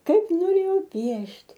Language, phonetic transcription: Lithuanian, ˈkaip noˈrėjau ˈpiešt'

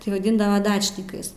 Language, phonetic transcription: Lithuanian, tai vaˈdindava ˈdačnikais

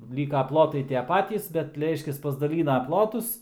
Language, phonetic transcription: Lithuanian, ˈlyka ˈplotai ˈtie ˈpatys bet ˈreiškias pasdaˈlyna ˈplotus

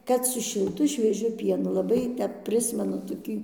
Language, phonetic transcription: Lithuanian, ˈkad su šilˈtu švieˈžiu ˈpienu laˈbai ˈtep ˈprismenu toˈkį

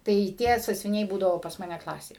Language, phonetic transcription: Lithuanian, tai ˈtie sąsviˈniai ˈbūdavo pas ˈmane ˈklasė

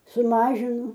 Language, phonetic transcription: Lithuanian, suˈmažinu

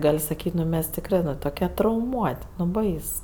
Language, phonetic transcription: Lithuanian, ˈgal' saˈkyt' nu ˈmes tikˈrɜ nu toˈke trauˈmuot' nu ˈbais

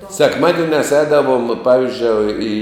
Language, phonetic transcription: Lithuanian, sekˈmadiniās ˈēdavom ˈpavizdžioi į

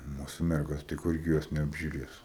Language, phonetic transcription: Lithuanian, ˈmūsu ˈmergos tai ˈkurgi ˈjos neapžiuˈrės

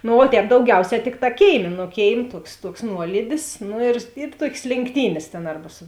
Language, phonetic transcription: Lithuanian, no o ˈtēp dauˈgiauˌsē ˈtikˌtā ˈkėiˌmė nu ˈkėiˌmė ˈtuoks ˈtuoks ˈnuolydis ˈnu ir i ˈtuokės lėnkˈtynės tėn ˈarba su

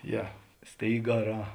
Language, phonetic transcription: Lithuanian, ˈje ˈstėigaˌrā

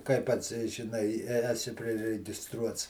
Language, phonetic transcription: Lithuanian, kai ˈpats žiˈnai i e eˈsi priregiˈstruots

